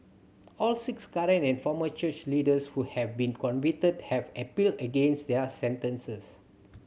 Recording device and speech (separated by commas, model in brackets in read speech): mobile phone (Samsung C7100), read sentence